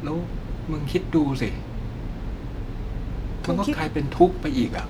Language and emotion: Thai, frustrated